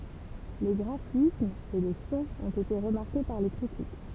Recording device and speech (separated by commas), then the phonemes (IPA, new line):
temple vibration pickup, read sentence
le ɡʁafismz e lə sɔ̃ ɔ̃t ete ʁəmaʁke paʁ le kʁitik